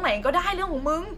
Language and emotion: Thai, frustrated